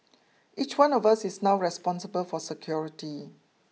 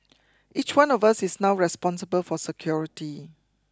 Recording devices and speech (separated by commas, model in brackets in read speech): mobile phone (iPhone 6), close-talking microphone (WH20), read sentence